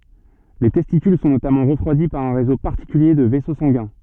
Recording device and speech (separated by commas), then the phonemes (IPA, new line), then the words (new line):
soft in-ear microphone, read sentence
le tɛstikyl sɔ̃ notamɑ̃ ʁəfʁwadi paʁ œ̃ ʁezo paʁtikylje də vɛso sɑ̃ɡɛ̃
Les testicules sont notamment refroidis par un réseau particulier de vaisseaux sanguins.